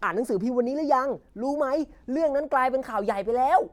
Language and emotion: Thai, happy